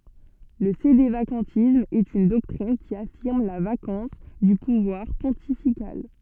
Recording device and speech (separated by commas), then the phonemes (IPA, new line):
soft in-ear microphone, read sentence
lə sedevakɑ̃tism ɛt yn dɔktʁin ki afiʁm la vakɑ̃s dy puvwaʁ pɔ̃tifikal